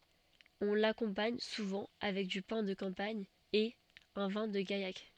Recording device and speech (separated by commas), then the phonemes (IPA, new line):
soft in-ear microphone, read sentence
ɔ̃ lakɔ̃paɲ suvɑ̃ avɛk dy pɛ̃ də kɑ̃paɲ e œ̃ vɛ̃ də ɡajak